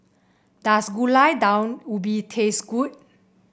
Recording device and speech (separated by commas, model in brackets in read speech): boundary microphone (BM630), read sentence